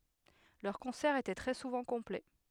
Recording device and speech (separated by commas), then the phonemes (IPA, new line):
headset microphone, read sentence
lœʁ kɔ̃sɛʁz etɛ tʁɛ suvɑ̃ kɔ̃plɛ